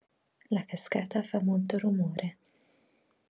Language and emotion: Italian, neutral